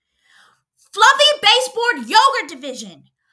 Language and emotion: English, angry